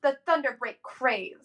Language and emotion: English, angry